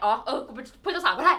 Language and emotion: Thai, happy